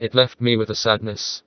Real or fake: fake